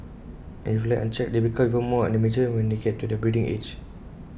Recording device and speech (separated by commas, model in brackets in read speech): boundary microphone (BM630), read sentence